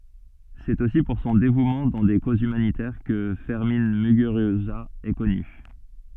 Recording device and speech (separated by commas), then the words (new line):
soft in-ear microphone, read sentence
C'est aussi pour son dévouement dans des causes humanitaires que Fermin Muguruza est connu.